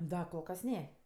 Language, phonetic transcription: Lithuanian, ˈda kol ˈkas ˈne

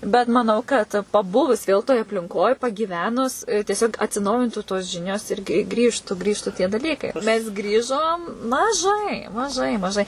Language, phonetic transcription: Lithuanian, bet maˈnau kad paˈbuvus ˈvėl toj aplinˈkoj pagyˈvenus tieˈsiog atsiˈnaujintų tos ˈžinios ir gi ˈgrįžtu ˈgrįžtu tie daˈlykai mes ˈgrįžom maˈžai maˈžai maˈžai

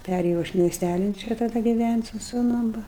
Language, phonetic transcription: Lithuanian, ˈpærėjau aš miesˈtælin ˈčia taˈda giˈvænt' su suˈnum ˈva

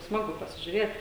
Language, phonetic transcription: Lithuanian, ˈsmagu pasižiuˈrėt

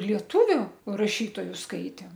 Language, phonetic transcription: Lithuanian, lieˈtuviu raˈšytoju ˈskaitėm

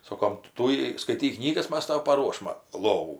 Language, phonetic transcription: Lithuanian, ˈsokom ˈtūjai skaiˈtyk ˈknygas ˈmas ˈtau paˈruošma ˈlovų

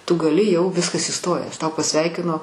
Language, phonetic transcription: Lithuanian, tu gaˈli jau ˈviskas ˈįstojęs ˈtau paˈsveikino

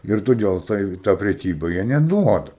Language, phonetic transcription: Lithuanian, ir toˈdėl tai i ta preˈkyba jie neˈduoda

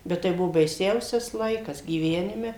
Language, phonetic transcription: Lithuanian, ˈbet tai ˈbuvo baiˈsiausias ˈlaikas gyˈvenime

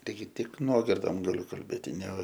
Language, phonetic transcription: Lithuanian, taiˈgi ˈtik ˈnuogirdom gaˈliu kalˈbėti ne

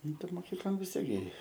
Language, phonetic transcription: Lithuanian, ˈnu tai moˈkyklon vis ˈtiek gi

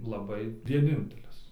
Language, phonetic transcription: Lithuanian, laˈbai vieˈnintelis

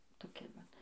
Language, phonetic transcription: Lithuanian, toˈki vat

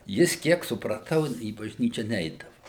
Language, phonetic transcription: Lithuanian, ˈjis ˈkiek supraˈtau į bažˈnyčia ˈneidavu

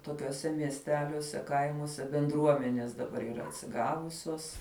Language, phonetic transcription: Lithuanian, tokiuoˈse miesˈteliuose ˈkaimuose benˈdruomenės daˈbar yˈra atsiˈgavusios

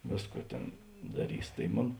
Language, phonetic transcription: Lithuanian, ˈvėsˌkų ˈtėn daˈrys tai ˈmon

